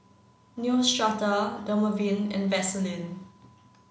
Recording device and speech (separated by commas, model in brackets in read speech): mobile phone (Samsung C9), read sentence